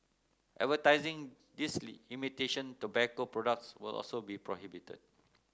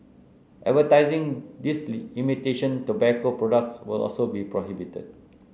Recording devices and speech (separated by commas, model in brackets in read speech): close-talking microphone (WH30), mobile phone (Samsung C9), read sentence